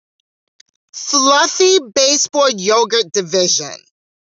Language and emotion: English, disgusted